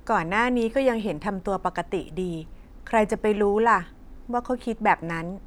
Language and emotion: Thai, neutral